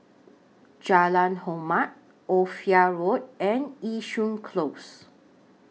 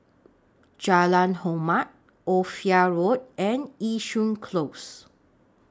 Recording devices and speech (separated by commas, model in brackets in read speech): mobile phone (iPhone 6), standing microphone (AKG C214), read sentence